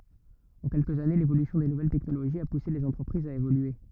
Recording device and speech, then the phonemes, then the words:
rigid in-ear microphone, read sentence
ɑ̃ kɛlkəz ane levolysjɔ̃ de nuvɛl tɛknoloʒiz a puse lez ɑ̃tʁəpʁizz a evolye
En quelques années, l'évolution des nouvelles technologies a poussé les entreprises à évoluer.

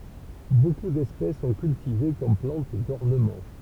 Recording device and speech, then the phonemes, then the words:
temple vibration pickup, read sentence
boku dɛspɛs sɔ̃ kyltive kɔm plɑ̃t dɔʁnəmɑ̃
Beaucoup d'espèces sont cultivées comme plantes d'ornement.

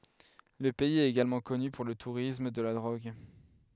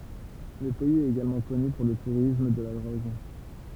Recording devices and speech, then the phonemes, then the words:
headset microphone, temple vibration pickup, read sentence
lə pɛiz ɛt eɡalmɑ̃ kɔny puʁ lə tuʁism də la dʁoɡ
Le pays est également connu pour le tourisme de la drogue.

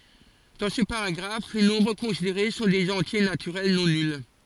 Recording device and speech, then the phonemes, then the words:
forehead accelerometer, read sentence
dɑ̃ sə paʁaɡʁaf le nɔ̃bʁ kɔ̃sideʁe sɔ̃ dez ɑ̃tje natyʁɛl nɔ̃ nyl
Dans ce paragraphe, les nombres considérés sont des entiers naturels non nuls.

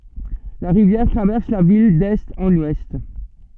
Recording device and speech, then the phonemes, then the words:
soft in-ear microphone, read sentence
la ʁivjɛʁ tʁavɛʁs la vil dɛst ɑ̃n wɛst
La rivière traverse la ville d'est en ouest.

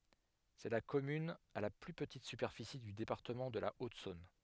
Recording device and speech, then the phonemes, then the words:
headset microphone, read sentence
sɛ la kɔmyn a la ply pətit sypɛʁfisi dy depaʁtəmɑ̃ də la otzɔ̃n
C'est la commune à la plus petite superficie du département de la Haute-Saône.

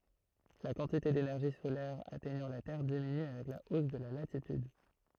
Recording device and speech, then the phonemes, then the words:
throat microphone, read sentence
la kɑ̃tite denɛʁʒi solɛʁ atɛɲɑ̃ la tɛʁ diminy avɛk la os də la latityd
La quantité d'énergie solaire atteignant la Terre diminue avec la hausse de la latitude.

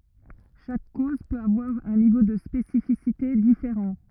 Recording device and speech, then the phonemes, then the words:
rigid in-ear microphone, read sentence
ʃak koz pøt avwaʁ œ̃ nivo də spesifisite difeʁɑ̃
Chaque cause peut avoir un niveau de spécificité différent.

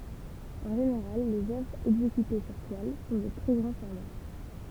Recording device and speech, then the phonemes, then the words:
temple vibration pickup, read sentence
ɑ̃ ʒeneʁal lez œvʁz ɛɡzekyte syʁ twal sɔ̃ də tʁɛ ɡʁɑ̃ fɔʁma
En général, les œuvres exécutées sur toile sont de très grand format.

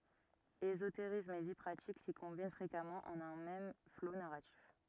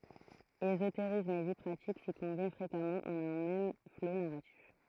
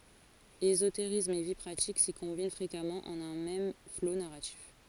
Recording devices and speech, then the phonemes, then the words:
rigid in-ear microphone, throat microphone, forehead accelerometer, read sentence
ezoteʁism e vi pʁatik si kɔ̃bin fʁekamɑ̃ ɑ̃n œ̃ mɛm flo naʁatif
Ésotérisme et vie pratique s'y combinent fréquemment en un même flot narratif.

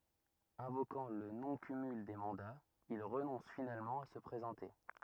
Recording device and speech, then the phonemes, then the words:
rigid in-ear microphone, read sentence
ɛ̃vokɑ̃ lə nɔ̃ kymyl de mɑ̃daz il ʁənɔ̃s finalmɑ̃ a sə pʁezɑ̃te
Invoquant le non-cumul des mandats, il renonce finalement à se présenter.

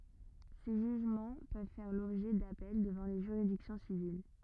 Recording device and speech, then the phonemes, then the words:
rigid in-ear microphone, read sentence
se ʒyʒmɑ̃ pøv fɛʁ lɔbʒɛ dapɛl dəvɑ̃ le ʒyʁidiksjɔ̃ sivil
Ces jugements peuvent faire l'objet d'appels devant les juridictions civiles.

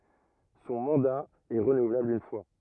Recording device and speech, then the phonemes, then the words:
rigid in-ear microphone, read sentence
sɔ̃ mɑ̃da ɛ ʁənuvlabl yn fwa
Son mandat est renouvelable une fois.

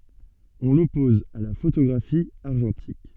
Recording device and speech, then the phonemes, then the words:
soft in-ear microphone, read sentence
ɔ̃ lɔpɔz a la fotoɡʁafi aʁʒɑ̃tik
On l'oppose à la photographie argentique.

